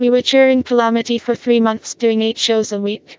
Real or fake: fake